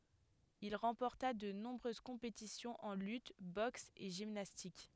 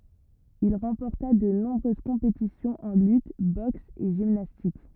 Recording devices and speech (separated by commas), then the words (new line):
headset microphone, rigid in-ear microphone, read sentence
Il remporta de nombreuses compétitions en lutte, boxe et gymnastique.